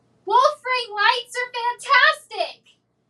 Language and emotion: English, happy